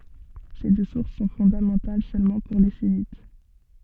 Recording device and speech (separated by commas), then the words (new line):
soft in-ear microphone, read sentence
Ces deux sources sont fondamentales seulement pour les sunnites.